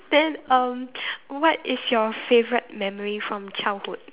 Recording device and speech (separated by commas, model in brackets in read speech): telephone, conversation in separate rooms